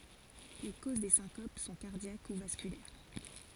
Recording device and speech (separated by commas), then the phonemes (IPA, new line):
forehead accelerometer, read sentence
le koz de sɛ̃kop sɔ̃ kaʁdjak u vaskylɛʁ